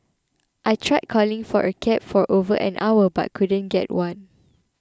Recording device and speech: close-talking microphone (WH20), read sentence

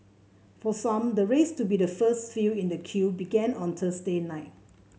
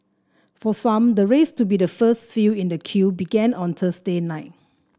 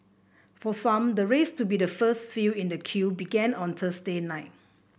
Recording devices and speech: mobile phone (Samsung C7), standing microphone (AKG C214), boundary microphone (BM630), read sentence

